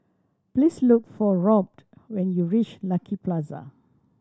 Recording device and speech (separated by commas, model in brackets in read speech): standing microphone (AKG C214), read sentence